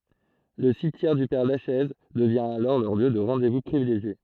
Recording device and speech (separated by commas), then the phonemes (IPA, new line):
throat microphone, read sentence
lə simtjɛʁ dy pɛʁ laʃɛz dəvjɛ̃ alɔʁ lœʁ ljø də ʁɑ̃de vu pʁivileʒje